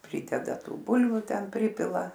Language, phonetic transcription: Lithuanian, ˈprydeda ˈtų ˈbulviu ˈten ˈprypila

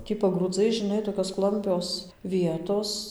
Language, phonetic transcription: Lithuanian, ˈtį pagrūˈdzai žiˈnai tokios ˈklampios ˈvietos

